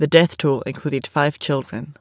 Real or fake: real